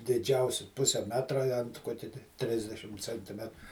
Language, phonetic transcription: Lithuanian, diˈdžiausi ˈpuse ˈmetra i ant ˈkokia ti ˈtrisdešim centiˈmet

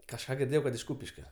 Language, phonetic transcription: Lithuanian, kažˈką girˈdėjau kad iš ˈkūpiškio

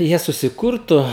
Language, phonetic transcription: Lithuanian, ˈjie susiˈkurtu

